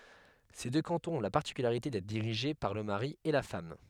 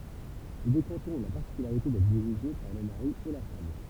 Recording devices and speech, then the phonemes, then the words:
headset microphone, temple vibration pickup, read sentence
se dø kɑ̃tɔ̃z ɔ̃ la paʁtikylaʁite dɛtʁ diʁiʒe paʁ lə maʁi e la fam
Ces deux cantons ont la particularité d'être dirigés par le mari et la femme.

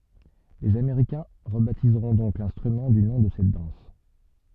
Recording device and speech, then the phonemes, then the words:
soft in-ear microphone, read sentence
lez ameʁikɛ̃ ʁəbatizʁɔ̃ dɔ̃k lɛ̃stʁymɑ̃ dy nɔ̃ də sɛt dɑ̃s
Les Américains rebaptiseront donc l'instrument du nom de cette danse.

